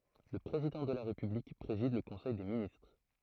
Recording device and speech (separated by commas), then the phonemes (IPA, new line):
throat microphone, read sentence
lə pʁezidɑ̃ də la ʁepyblik pʁezid lə kɔ̃sɛj de ministʁ